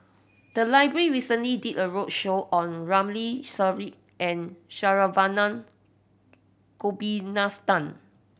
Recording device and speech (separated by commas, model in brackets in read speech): boundary microphone (BM630), read sentence